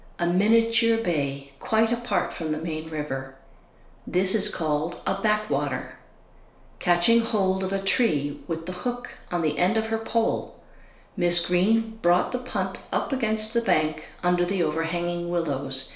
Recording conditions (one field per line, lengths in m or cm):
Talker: one person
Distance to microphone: 1.0 m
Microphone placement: close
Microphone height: 1.1 m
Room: small (3.7 m by 2.7 m)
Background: none